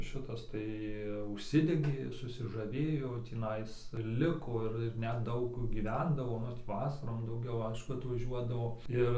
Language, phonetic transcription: Lithuanian, ˈšitas ˈtai užˈsidegė susižaˈvėjo tįˈnais ˈliko ir ir net ˈdaug gyˈvendavo ˈnu tį ˈvasarom dauˈgiau ˈaišku atvaˈžiuodavo ˈir

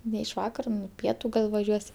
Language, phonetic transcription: Lithuanian, ne iš ˈvakara ˈpietu ˈgal vaˈžiuos'

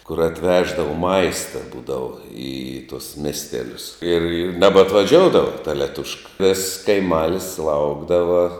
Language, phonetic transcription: Lithuanian, kur atˈveždava ˈmaista ˈbūdava i tuos ˈmestelius ir ir nebatvaˈžioudava ta leˈtuška viss kaiˈmalis ˈlaukdava

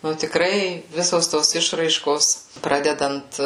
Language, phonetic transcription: Lithuanian, ˈnu tikˈrai ˈvisos ˈtos ˈišraiškos ˈpradedant

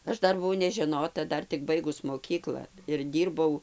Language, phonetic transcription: Lithuanian, ˈaš ˈdar buˈvau nežeˈnota ˈdar tik ˈbaigus moˈkykla ir ˈdyrbau

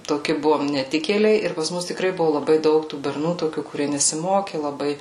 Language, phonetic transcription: Lithuanian, toˈki ˈbuvom neˈtikėliai ir pas ˈmus tiˈkrai ˈbuvu laˈbai ˈdaug tų berˈnų toˈkių kuˈrie nesiˈmoki laˈbai

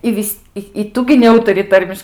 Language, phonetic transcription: Lithuanian, i ˈvis' i ˈtu gi neˈūtari ˈtarmiš

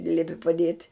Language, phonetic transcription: Lithuanian, i ˈliepi paˈdiet'

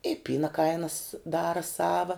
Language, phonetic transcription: Lithuanian, i ˈpyna ˈkainas ˈdara ˈsava

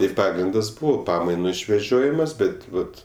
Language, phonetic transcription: Lithuanian, ir ˈpagrindas ˈbuvo ˈpamainu išveˈžiojimas ˈbet ˈvat

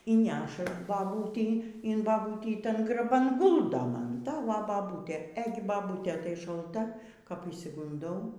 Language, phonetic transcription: Lithuanian, y ˈneša baˈbūtei in baˈbūtį ˈtan graˈban ˈguldo ˈman ˈta va baˈbūtė ˈėgi baˈbūtė tai šalˈta kap išsigunˈdau

